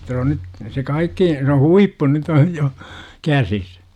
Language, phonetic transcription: Finnish, -ta se on 'nyt , se 'kaikki , se "huippu nyt ‿oj jo , 'käsis .
- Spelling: jotta se on nyt se kaikki se huippu nyt on jo käsissä

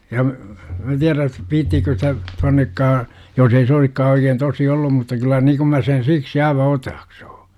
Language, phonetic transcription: Finnish, ja , mä tiärä , 'vi§ttiikö sitä , 'tuannekkaa , jos ei se 'oisikkaa oikeen tosi 'ollum mutta kyl̆lä 'nii kum mä sen 'siksi aiva "otaaksUU .
- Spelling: ja minä tiedän viitsiikö sitä tuonnekaan jos ei se olisikaan oikein tosi ollut mutta kyllä niin kun minä sen siksi aivan otaksun

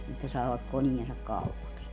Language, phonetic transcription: Finnish, että 'saavak 'koniensak "kaupaks .
- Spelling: että saavat koneensa kaupaksi

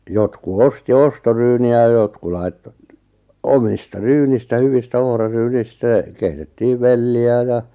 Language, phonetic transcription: Finnish, 'jotku "osti "ostoryyni₍ä ʲᵃ 'jotku lai̬tto , 'omista "ryynistä 'hyvistä 'ohra'ryynistä , 'keitettiiv "velli₍ä ja ,.
- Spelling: jotkut osti ostoryyniä ja jotkut laittoi omista ryynistä hyvistä ohraryynistä keitettiin velliä ja

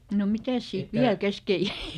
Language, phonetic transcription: Finnish, no ˈmitäs siit "viäl ˈkeske jäi ?
- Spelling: no mitäs siitä vielä kesken jäi

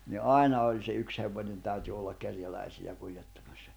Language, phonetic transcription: Finnish, ni "’ài̬na oĺ se 'yks hevońen täyty ollak 'kerjäläisi₍ä 'kuĺjettᴀᴍᴀssᴀ .
- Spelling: niin aina oli se yksi hevonen täytyi olla kerjäläisiä kuljettamassa

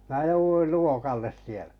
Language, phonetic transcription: Finnish, 'mää 'jouvuil "luokalles sielᴀ̈ .
- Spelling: minä jouduin luokalle siellä

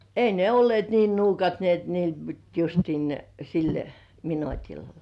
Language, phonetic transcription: Finnish, ei ne "ollĭ§èt niin 'nuukat ni et niil (pit) justiin ne 'sil "minotil .
- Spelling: ei ne olleet niin nuukat niin että niille piti justiin ne sillä minuutilla

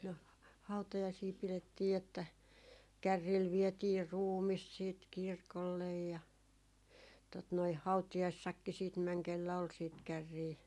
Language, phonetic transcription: Finnish, no , 'hautajaisii pilettii että , 'kärriil vietii "ruumis siit 'kirkollej ja , tot noi "hautijaissakki siit 'mäŋ kellä 'ol siit 'kärrii .
- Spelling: no hautajaisia pidettiin että kärryillä vietiin ruumis sitten kirkolle ja tuota noin hautajaisissakin sitten meni kenellä oli sitten kärriä

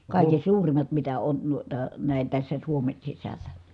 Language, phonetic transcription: Finnish, kàiken̬ suurim̀at mitä on nuita , nä̀i̮n̬ tässä Suomen sisällä .
- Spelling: kaiken suurimmat mitä on noita näin tässä Suomen sisällä

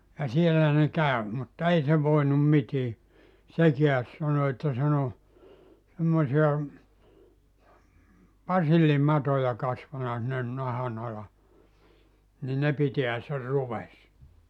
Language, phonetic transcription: Finnish, ja 'siellä ne 'kä̀ö , mutta 'ei se voinum 'mitii , 'sekiäs sano että sen ‿o , semmosi₍a , "pasillimatoja kasvana sinnen 'nahan ‿ala , ni 'ne piteä se 'ruves[sa] .
- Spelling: ja siellä ne kävi mutta ei se voinut mitään sekään sanoi että sen on semmoisia basillimatoja kasvanut sinne nahan alle niin ne pitää sen ruvessa

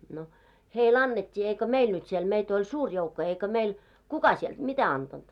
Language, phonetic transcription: Finnish, no , "hei'l ‿annet́t́ii eikö "meil nyt siel 'meit ‿oĺ "suur joukko 'eikö meil , "kuka sielᴅ "mitä 'antanᴅ .
- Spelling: no heille annettiin eikö meille nyt siellä meitä oli suuri joukko eikö meille kuka sieltä mitä antanut

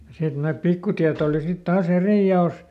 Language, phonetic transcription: Finnish, ja ˈsit nämät ˈpikkutiät ‿òli sit taa"s ‿erì ja₍òs .
- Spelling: ja sitten nämä pikkutiet oli sitten taas eri jaossa

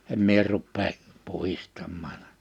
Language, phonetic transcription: Finnish, 'em mie ruppee , 'puhistammaan . «
- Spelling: en minä rupea puhdistamaan

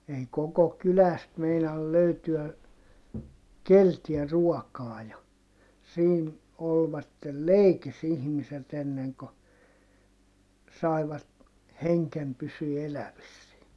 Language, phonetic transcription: Finnish, ei koko kyläst meinal löytyä , keltiä ruɔkaa ja , siin , olvattel leikis ‿ihmiset ‿enneŋ ko , saivat , heŋkem pysyy elävissie .
- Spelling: ei koko kylästä meinaa löytyä keneltäkään ruokaa ja siinä olivat leikissä ihmiset ennen kuin saivat hengen pysymään elävissä

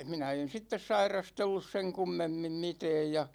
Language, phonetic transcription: Finnish, 'minä en̬ 'sittes "sairastellus seŋ 'kummemmim "mitɛɛj ja ,.
- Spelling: minä en sitten sairastellut sen kummemmin mitään ja

